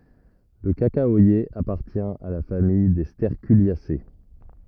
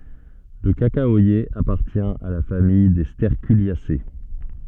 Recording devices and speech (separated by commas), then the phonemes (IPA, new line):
rigid in-ear microphone, soft in-ear microphone, read sentence
lə kakawaje apaʁtjɛ̃ a la famij de stɛʁkyljase